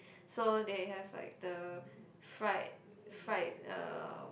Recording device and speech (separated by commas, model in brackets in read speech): boundary microphone, conversation in the same room